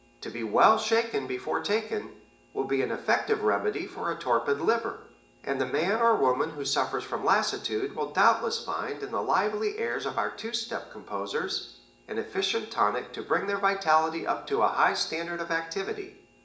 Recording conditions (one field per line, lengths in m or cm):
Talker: one person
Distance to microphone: 1.8 m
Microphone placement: close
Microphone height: 1.0 m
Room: large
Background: none